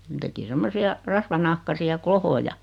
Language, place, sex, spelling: Finnish, Noormarkku, female, ne teki semmoisia rasvanahkaisia klohoja
- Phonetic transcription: 'ne teki 'semmosi₍a , 'rasvanahkasi₍a "klohoja .

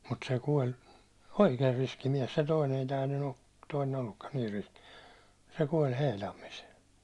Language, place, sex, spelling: Finnish, Hollola, male, mutta se kuoli oikein riski mies se toinen ei tämä nyt toinen ollutkaan niin riski se kuoli Heilammissa
- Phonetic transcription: mut se 'kuoĺ , "oikeer 'riski miɛs se toinen ‿ei tää ny- , toinen ollukkan niir riski , se 'kuoĺ 'heilammis .

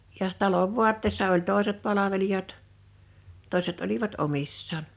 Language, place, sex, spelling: Finnish, Liperi, female, ja talon vaatteessa oli toiset palvelijat toiset olivat omissaan
- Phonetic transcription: 'jaʰ , 'talov "vuatteessa oĺ 'tòeset 'palavelijat , 'tòḙset olivat 'omissaan .

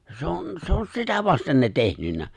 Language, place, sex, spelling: Finnish, Lapinlahti, male, se on se on sitä vasten ne tehnyt
- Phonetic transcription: 'se on , 'se on 'sitä vasten ne 'tehnynnä .

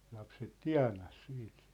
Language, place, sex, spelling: Finnish, Sippola, male, lapset tienasi siitä
- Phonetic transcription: 'lapset "tia̭nas 'siit .

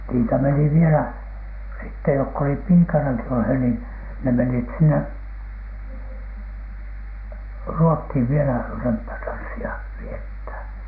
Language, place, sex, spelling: Finnish, Alatornio, male, niitä meni vielä sitten jotka olivat piikanakin olleet niin ne menivät sinne Ruotsiin vielä römppätanssia viettämään
- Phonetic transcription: niitä meni 'vielä , sitte jokk ‿olip "piikanaki olhè niin , ne menit̳ 'sinne , "Ruothìv vielä , 'römppätanssi₍a , viethä̀n .

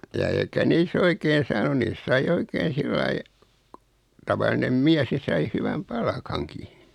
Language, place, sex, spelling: Finnish, Noormarkku, male, ja eikä niissä - oikein saanut niissä sai oikein sillä lailla tavallinen mies niin sai hyvän palkankin
- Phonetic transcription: ja 'eikä nii's ‿o ikeen̬ 'saanu 'niis sai 'oikeen̬ 'sillai , 'tavalinem "miäs (ni) sai 'hyväm "palkaŋki .

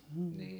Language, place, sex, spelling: Finnish, Heinola, female, mm
- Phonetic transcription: m̥ .

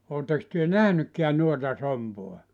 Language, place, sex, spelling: Finnish, Joutsa, male, oletteko te nähnytkään noita sompia
- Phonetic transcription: 'ootteks työ "nähnykkeän 'nuota 'sompoa ?

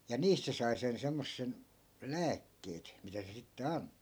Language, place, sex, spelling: Finnish, Askola, male, ja niistä se sai sen semmoisen lääkkeet mitä se sitten antoi
- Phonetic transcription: ja 'niist se sai 'sen 'semmossen , "lääkkeet , mitä se sitte 'ant̆(to) .

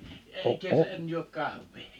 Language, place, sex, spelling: Finnish, Liperi, male, - en en juo kahvia
- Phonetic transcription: e- , eŋ , en juok 'kahv̀ii .

